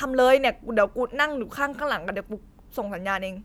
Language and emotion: Thai, neutral